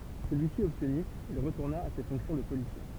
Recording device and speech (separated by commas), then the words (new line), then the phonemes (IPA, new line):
temple vibration pickup, read sentence
Celui-ci obtenu, il retourna à ses fonctions de policier.
səlyisi ɔbtny il ʁətuʁna a se fɔ̃ksjɔ̃ də polisje